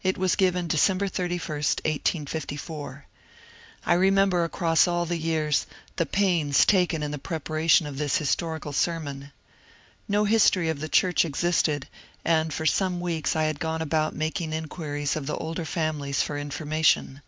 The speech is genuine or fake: genuine